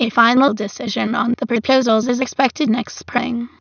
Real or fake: fake